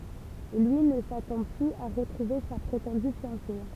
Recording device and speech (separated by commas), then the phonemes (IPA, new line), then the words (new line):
temple vibration pickup, read sentence
lyi nə satɑ̃ plyz a ʁətʁuve sa pʁetɑ̃dy fjɑ̃se
Lui ne s'attend plus à retrouver sa prétendue fiancée.